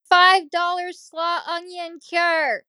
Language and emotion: English, neutral